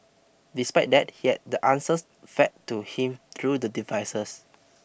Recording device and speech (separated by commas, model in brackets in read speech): boundary microphone (BM630), read sentence